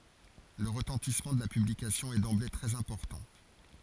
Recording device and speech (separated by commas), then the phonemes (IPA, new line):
forehead accelerometer, read sentence
lə ʁətɑ̃tismɑ̃ də la pyblikasjɔ̃ ɛ dɑ̃ble tʁɛz ɛ̃pɔʁtɑ̃